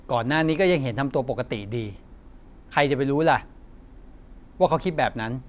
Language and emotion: Thai, frustrated